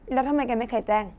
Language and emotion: Thai, frustrated